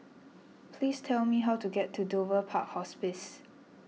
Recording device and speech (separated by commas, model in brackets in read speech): mobile phone (iPhone 6), read sentence